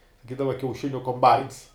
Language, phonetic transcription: Lithuanian, saˈkydava kiauˈšiniu komˈbains

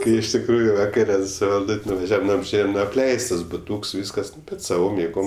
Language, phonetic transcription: Lithuanian, ˈkai iš tikˈrųju vaˈkare su valˈdut' nuvaˈžiavam ˈnu apˈžėjam ˈnu apˈleistas buˈtūks ˈvyskas ˈnu ˈbet saˈvom jėˈgom

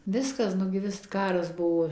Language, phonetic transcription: Lithuanian, ˈviskas nu gi ˈvis ˈkaras ˈbuvo

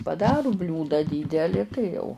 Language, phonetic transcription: Lithuanian, paˈdaru ˈbliūdą ˈdydeli tai jau

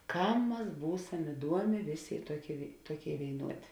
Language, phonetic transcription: Lithuanian, ˈkam ˈmas ˈbūsam iˈduomė ˈvėˌsė i ˈtuoˌkėi vėi ˈtuoˌkėi vėiˈnuodė

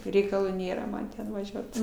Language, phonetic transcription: Lithuanian, reikaˈlų ˈnėra ˈman ˈten vaˈžiuot

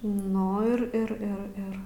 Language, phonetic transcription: Lithuanian, ˈnu ir ir ir ˈir

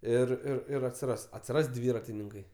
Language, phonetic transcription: Lithuanian, ˈir ir ˈir atsiˈras atsiˈras ˈdvyratininkai

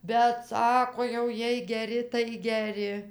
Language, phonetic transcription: Lithuanian, bet ˈsako jau ˈjiej geˈri tai geˈri

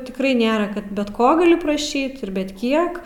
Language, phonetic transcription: Lithuanian, tikˈrai ˈnėra ˈkad bet ˈko gaˈli praˈšyt ir bet ˈkiek

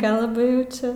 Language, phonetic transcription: Lithuanian, ˈkalba jau ˈčia

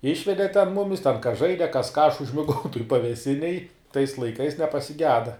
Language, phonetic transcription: Lithuanian, ˈišvede ten ˈmumis ten kas ˈžaide kas ką aš užmiˈgau toj paveˈsinėj tais laiˈkais nepasiˈgeda

